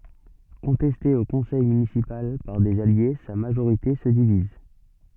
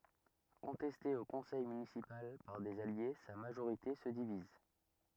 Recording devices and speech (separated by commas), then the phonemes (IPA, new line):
soft in-ear microphone, rigid in-ear microphone, read sentence
kɔ̃tɛste o kɔ̃sɛj mynisipal paʁ dez alje sa maʒoʁite sə diviz